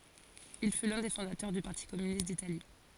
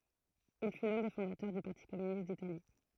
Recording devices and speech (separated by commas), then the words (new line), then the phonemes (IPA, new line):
forehead accelerometer, throat microphone, read sentence
Il fut l’un des fondateurs du Parti communiste d'Italie.
il fy lœ̃ de fɔ̃datœʁ dy paʁti kɔmynist ditali